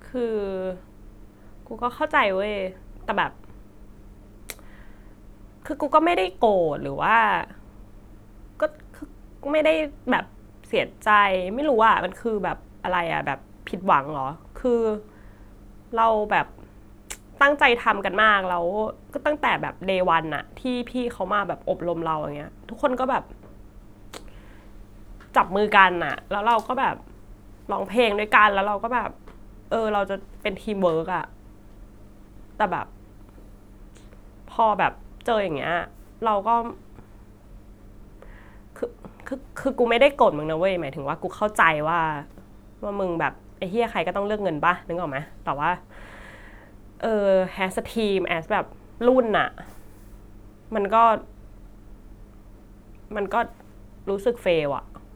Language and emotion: Thai, sad